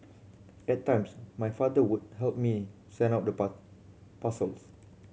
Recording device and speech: mobile phone (Samsung C7100), read sentence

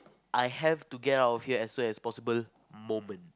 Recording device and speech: close-talking microphone, conversation in the same room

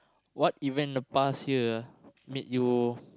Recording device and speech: close-talking microphone, conversation in the same room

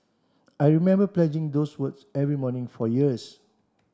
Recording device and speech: standing microphone (AKG C214), read sentence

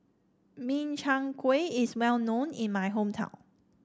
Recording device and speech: standing microphone (AKG C214), read sentence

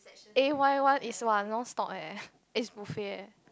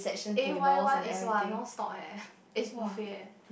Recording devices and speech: close-talking microphone, boundary microphone, conversation in the same room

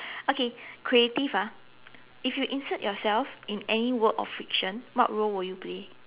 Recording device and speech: telephone, conversation in separate rooms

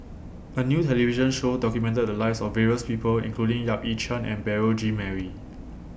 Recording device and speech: boundary microphone (BM630), read sentence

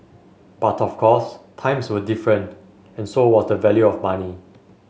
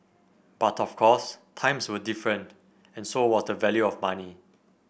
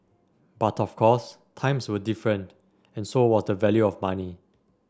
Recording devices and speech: mobile phone (Samsung S8), boundary microphone (BM630), standing microphone (AKG C214), read sentence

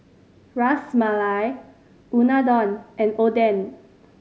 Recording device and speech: mobile phone (Samsung C5010), read sentence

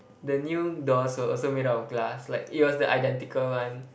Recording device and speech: boundary microphone, conversation in the same room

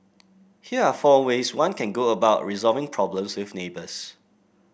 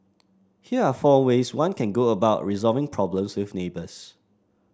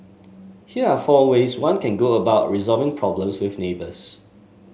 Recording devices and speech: boundary microphone (BM630), standing microphone (AKG C214), mobile phone (Samsung S8), read sentence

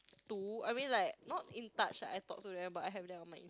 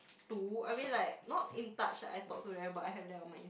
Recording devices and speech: close-talking microphone, boundary microphone, conversation in the same room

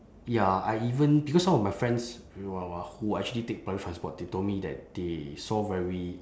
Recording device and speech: standing microphone, conversation in separate rooms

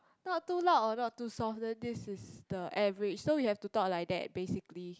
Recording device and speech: close-talking microphone, conversation in the same room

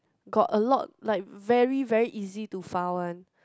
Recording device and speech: close-talking microphone, conversation in the same room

